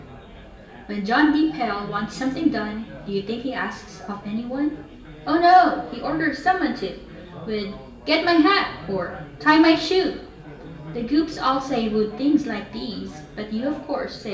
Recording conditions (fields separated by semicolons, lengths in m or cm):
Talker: one person; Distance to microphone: 1.8 m; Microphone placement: close; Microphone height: 1.0 m; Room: large; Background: babble